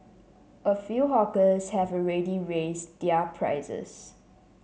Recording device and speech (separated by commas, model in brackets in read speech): mobile phone (Samsung C7), read sentence